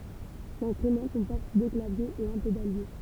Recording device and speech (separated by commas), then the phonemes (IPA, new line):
temple vibration pickup, read sentence
lɛ̃stʁymɑ̃ kɔ̃pɔʁt dø klavjez e œ̃ pedalje